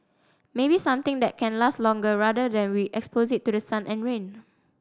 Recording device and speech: standing microphone (AKG C214), read sentence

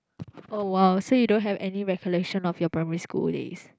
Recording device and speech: close-talking microphone, conversation in the same room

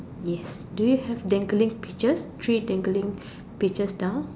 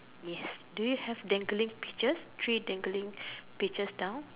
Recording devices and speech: standing microphone, telephone, conversation in separate rooms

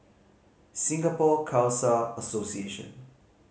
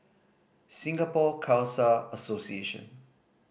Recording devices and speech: mobile phone (Samsung C5010), boundary microphone (BM630), read sentence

